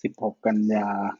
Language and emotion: Thai, neutral